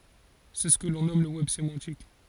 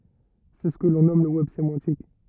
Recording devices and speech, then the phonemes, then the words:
forehead accelerometer, rigid in-ear microphone, read sentence
sɛ sə kə lɔ̃ nɔm lə wɛb semɑ̃tik
C'est ce que l'on nomme le web sémantique.

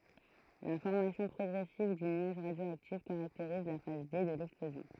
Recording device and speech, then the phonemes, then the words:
throat microphone, read sentence
la fɔʁmasjɔ̃ pʁɔɡʁɛsiv dy nyaʒ ʁadjoaktif kaʁakteʁiz la faz de də lɛksplozjɔ̃
La formation progressive du nuage radioactif caractérise la phase D de l'explosion.

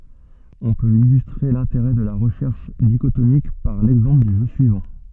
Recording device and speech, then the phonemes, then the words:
soft in-ear microphone, read sentence
ɔ̃ pøt ilystʁe lɛ̃teʁɛ də la ʁəʃɛʁʃ diʃotomik paʁ lɛɡzɑ̃pl dy ʒø syivɑ̃
On peut illustrer l'intérêt de la recherche dichotomique par l'exemple du jeu suivant.

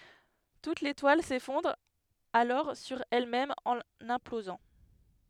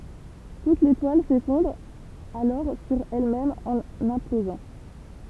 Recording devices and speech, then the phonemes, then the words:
headset microphone, temple vibration pickup, read sentence
tut letwal sefɔ̃dʁ alɔʁ syʁ ɛlmɛm ɑ̃n ɛ̃plozɑ̃
Toute l'étoile s'effondre alors sur elle-même en implosant.

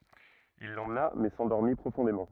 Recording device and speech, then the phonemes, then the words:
rigid in-ear microphone, read sentence
il lemna mɛ sɑ̃dɔʁmi pʁofɔ̃demɑ̃
Il l'emmena mais s'endormit profondément.

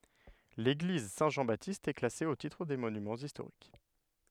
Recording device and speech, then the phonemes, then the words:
headset microphone, read sentence
leɡliz sɛ̃ ʒɑ̃ batist ɛ klase o titʁ de monymɑ̃z istoʁik
L'église Saint-Jean-Baptiste est classée au titre des Monuments historiques.

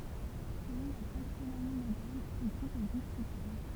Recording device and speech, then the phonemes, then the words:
temple vibration pickup, read sentence
səlɔ̃ la taksonomi modɛʁn sə ɡʁup ɛ diskytabl
Selon la taxonomie moderne, ce groupe est discutable.

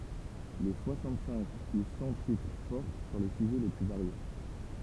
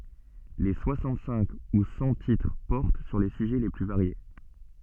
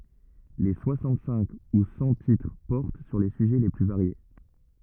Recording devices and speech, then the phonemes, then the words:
temple vibration pickup, soft in-ear microphone, rigid in-ear microphone, read sentence
le swasɑ̃t sɛ̃k u sɑ̃ titʁ pɔʁt syʁ le syʒɛ le ply vaʁje
Les soixante-cinq ou cent titres portent sur les sujets les plus variés.

